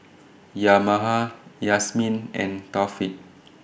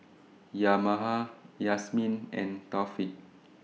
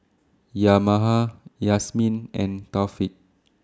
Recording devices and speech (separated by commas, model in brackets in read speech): boundary microphone (BM630), mobile phone (iPhone 6), standing microphone (AKG C214), read sentence